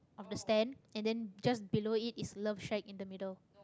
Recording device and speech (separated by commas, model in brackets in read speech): close-talking microphone, conversation in the same room